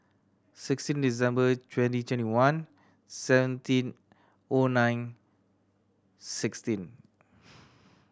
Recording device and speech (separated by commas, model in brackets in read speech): standing microphone (AKG C214), read sentence